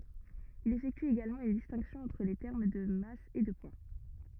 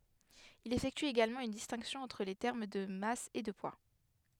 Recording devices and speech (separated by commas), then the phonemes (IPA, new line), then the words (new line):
rigid in-ear microphone, headset microphone, read sentence
il efɛkty eɡalmɑ̃ yn distɛ̃ksjɔ̃ ɑ̃tʁ le tɛʁm də mas e də pwa
Il effectue également une distinction entre les termes de masse et de poids.